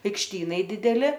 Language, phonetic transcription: Lithuanian, aikšˈtynai ˈdideli

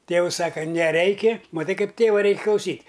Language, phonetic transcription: Lithuanian, ˈtėus ˈsaka neˈreiki maˈtai ˈkaip ˈtėva ˈreik' klauˈsyt'

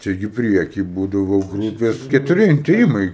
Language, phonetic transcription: Lithuanian, ˈčia gi ˈprieky ˈbūdavo ˈgrūpės ketuˈri intėˈjimai

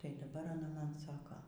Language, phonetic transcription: Lithuanian, ˈtai daˈbar aˈna ˈman ˈsako

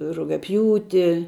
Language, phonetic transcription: Lithuanian, rugiaˈpjūti

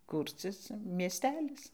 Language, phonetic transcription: Lithuanian, ˈkūrcis mieˈstelis

